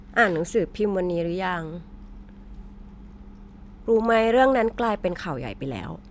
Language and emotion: Thai, neutral